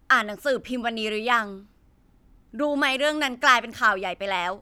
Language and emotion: Thai, frustrated